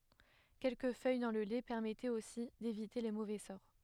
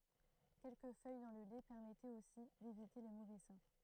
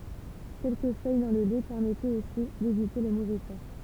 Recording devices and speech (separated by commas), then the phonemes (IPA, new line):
headset microphone, throat microphone, temple vibration pickup, read sentence
kɛlkə fœj dɑ̃ lə lɛ pɛʁmɛtɛt osi devite le movɛ sɔʁ